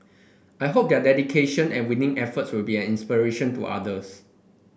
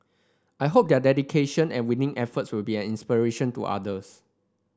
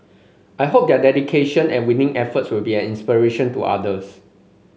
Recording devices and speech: boundary microphone (BM630), standing microphone (AKG C214), mobile phone (Samsung C5), read sentence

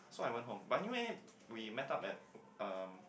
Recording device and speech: boundary microphone, conversation in the same room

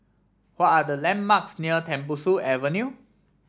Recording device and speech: standing microphone (AKG C214), read sentence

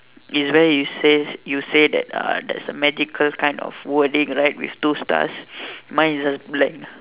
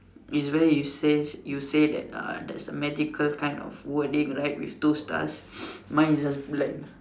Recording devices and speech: telephone, standing microphone, conversation in separate rooms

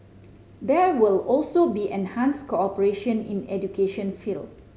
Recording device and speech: mobile phone (Samsung C5010), read sentence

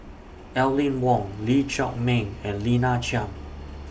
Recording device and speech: boundary microphone (BM630), read sentence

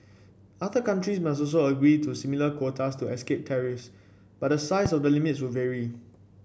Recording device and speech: boundary microphone (BM630), read sentence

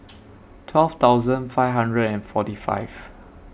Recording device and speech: boundary microphone (BM630), read sentence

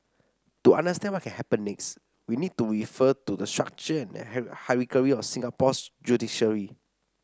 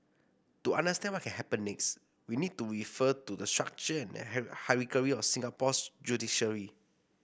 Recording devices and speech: standing microphone (AKG C214), boundary microphone (BM630), read sentence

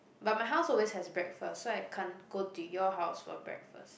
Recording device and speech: boundary microphone, conversation in the same room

